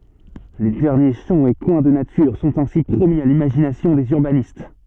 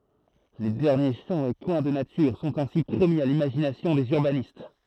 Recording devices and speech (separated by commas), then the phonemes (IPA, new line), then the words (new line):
soft in-ear microphone, throat microphone, read sentence
le dɛʁnje ʃɑ̃ e kwɛ̃ də natyʁ sɔ̃t ɛ̃si pʁomi a limaʒinasjɔ̃ dez yʁbanist
Les derniers champs et coins de nature sont ainsi promis à l'imagination des urbanistes.